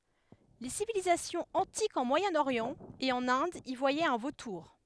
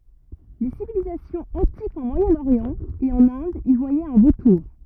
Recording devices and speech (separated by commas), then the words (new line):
headset microphone, rigid in-ear microphone, read sentence
Les civilisations antiques en Moyen-Orient et en Inde y voyaient un vautour.